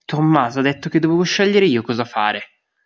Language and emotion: Italian, angry